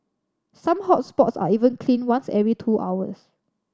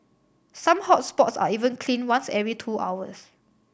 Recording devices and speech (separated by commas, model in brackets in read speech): standing microphone (AKG C214), boundary microphone (BM630), read sentence